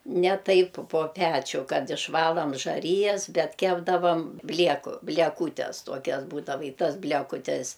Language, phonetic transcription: Lithuanian, ˈne ˈtaip po ˈpečiu ˈkad išˈvalam žaˈryjas ˈbet ˈkepdavam ˈblieku blieˈkūtes ˈtuokias ˈbūdava i ˈtas blekuˈtes

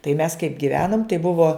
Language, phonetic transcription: Lithuanian, tai mes kaip giˈvenom tai ˈbuvo

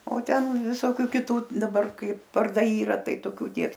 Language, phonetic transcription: Lithuanian, o ˈten viˈsokiu kiˈtų daˈbar ˈkaip varˈdai ˈyra ˈtai toˈkių ˈnieks

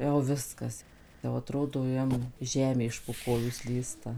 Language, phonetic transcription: Lithuanian, jau ˈviskas jau aˈtrodo ˈjam ˈžemė iš po ˈkojų ˈslysta

